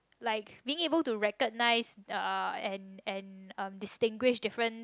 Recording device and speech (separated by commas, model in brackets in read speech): close-talking microphone, conversation in the same room